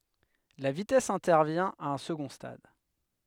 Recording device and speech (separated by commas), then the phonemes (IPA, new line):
headset microphone, read sentence
la vitɛs ɛ̃tɛʁvjɛ̃ a œ̃ səɡɔ̃ stad